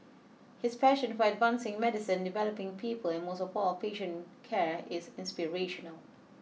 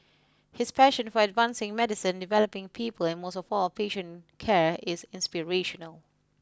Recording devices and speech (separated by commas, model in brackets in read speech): mobile phone (iPhone 6), close-talking microphone (WH20), read sentence